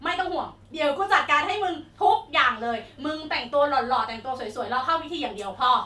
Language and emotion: Thai, frustrated